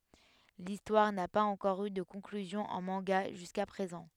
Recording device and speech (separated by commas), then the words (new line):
headset microphone, read sentence
L'histoire n'a pas encore eu de conclusion en manga jusqu'à présent.